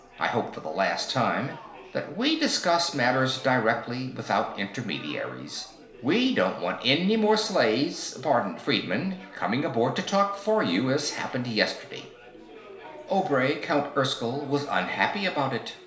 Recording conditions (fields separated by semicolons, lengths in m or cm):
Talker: one person; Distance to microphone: 1.0 m; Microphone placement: close; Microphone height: 1.1 m; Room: small (3.7 m by 2.7 m); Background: babble